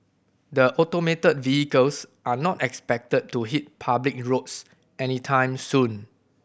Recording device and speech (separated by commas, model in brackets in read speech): boundary microphone (BM630), read sentence